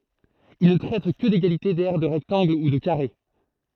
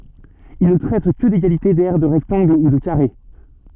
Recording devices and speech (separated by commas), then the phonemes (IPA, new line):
throat microphone, soft in-ear microphone, read sentence
il nə tʁɛt kə deɡalite dɛʁ də ʁɛktɑ̃ɡl u də kaʁe